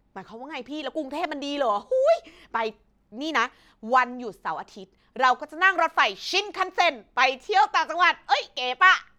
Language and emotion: Thai, happy